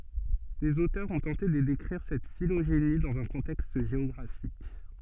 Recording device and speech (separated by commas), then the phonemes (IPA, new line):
soft in-ear microphone, read sentence
lez otœʁz ɔ̃ tɑ̃te də dekʁiʁ sɛt filoʒeni dɑ̃z œ̃ kɔ̃tɛkst ʒeɔɡʁafik